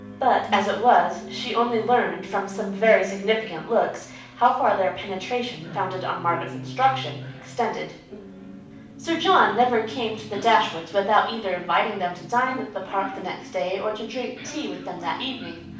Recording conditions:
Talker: one person; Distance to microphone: 5.8 m; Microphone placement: far; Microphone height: 1.8 m; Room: medium-sized (5.7 m by 4.0 m); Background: television

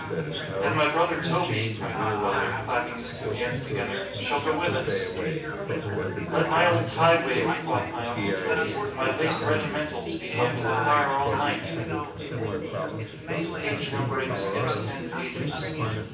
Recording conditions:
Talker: one person; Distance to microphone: 9.8 m; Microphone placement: far; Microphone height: 1.8 m; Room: large; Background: babble

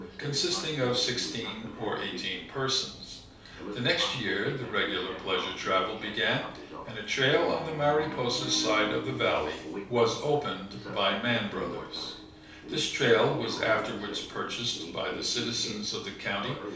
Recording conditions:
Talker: one person; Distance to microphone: 3.0 m; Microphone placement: far; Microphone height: 1.8 m; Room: small (3.7 m by 2.7 m); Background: television

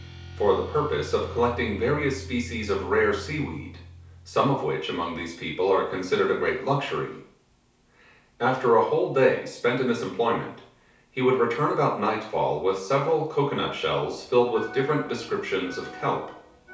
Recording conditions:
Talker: one person; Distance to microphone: 3.0 m; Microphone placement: far; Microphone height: 1.8 m; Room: small (3.7 m by 2.7 m); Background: music

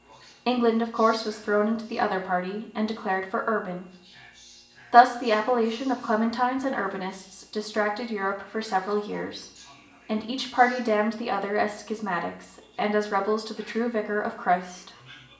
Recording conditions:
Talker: one person; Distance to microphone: 1.8 m; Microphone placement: close; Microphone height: 1.0 m; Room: large; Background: television

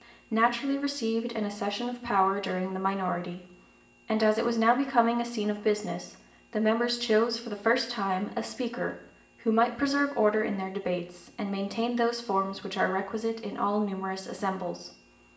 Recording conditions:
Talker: one person; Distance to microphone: 1.8 m; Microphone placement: close; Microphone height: 1.0 m; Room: large; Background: none

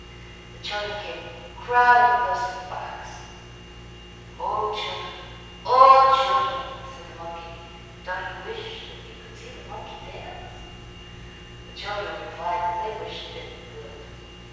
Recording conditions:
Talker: one person; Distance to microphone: 7.1 m; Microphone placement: far; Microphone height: 1.7 m; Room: very reverberant, large; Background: none

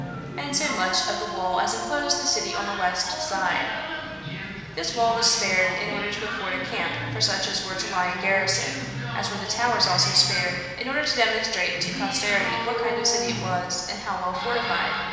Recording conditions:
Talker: one person; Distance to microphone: 1.7 m; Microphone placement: close; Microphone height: 1.0 m; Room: very reverberant, large; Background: television

